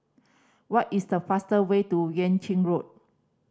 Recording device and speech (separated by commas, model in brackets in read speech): standing microphone (AKG C214), read sentence